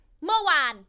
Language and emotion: Thai, angry